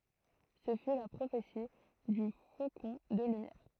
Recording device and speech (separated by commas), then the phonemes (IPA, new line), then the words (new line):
throat microphone, read sentence
sə fy la pʁofeti dy fokɔ̃ də lymjɛʁ
Ce fut la prophétie du Faucon de Lumière.